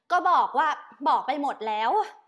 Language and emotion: Thai, frustrated